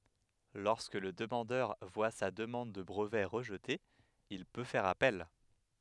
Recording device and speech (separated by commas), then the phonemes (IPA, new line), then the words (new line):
headset microphone, read sentence
lɔʁskə lə dəmɑ̃dœʁ vwa sa dəmɑ̃d də bʁəvɛ ʁəʒte il pø fɛʁ apɛl
Lorsque le demandeur voit sa demande de brevet rejetée, il peut faire appel.